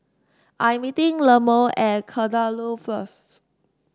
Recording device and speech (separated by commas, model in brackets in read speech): standing microphone (AKG C214), read sentence